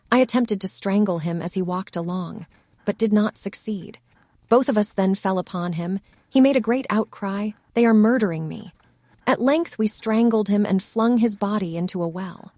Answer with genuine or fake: fake